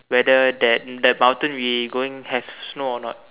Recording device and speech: telephone, conversation in separate rooms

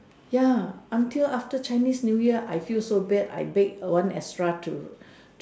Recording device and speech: standing microphone, conversation in separate rooms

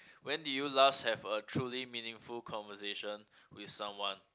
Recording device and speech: close-talking microphone, conversation in the same room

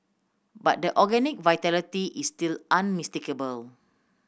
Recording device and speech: boundary microphone (BM630), read sentence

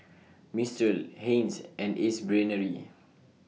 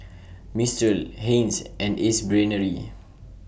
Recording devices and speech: mobile phone (iPhone 6), boundary microphone (BM630), read sentence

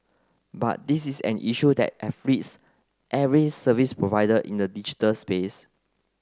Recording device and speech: close-talking microphone (WH30), read sentence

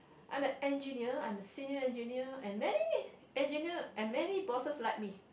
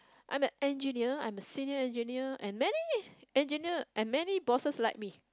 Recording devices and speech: boundary microphone, close-talking microphone, conversation in the same room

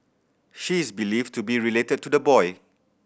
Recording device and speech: boundary microphone (BM630), read sentence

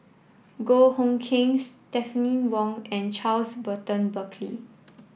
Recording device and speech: boundary microphone (BM630), read sentence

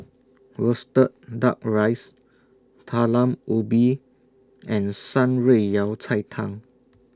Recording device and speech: standing microphone (AKG C214), read sentence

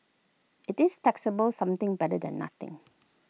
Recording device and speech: mobile phone (iPhone 6), read sentence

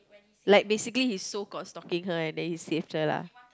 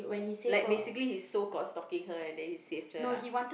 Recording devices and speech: close-talking microphone, boundary microphone, conversation in the same room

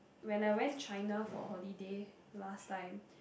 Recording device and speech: boundary microphone, conversation in the same room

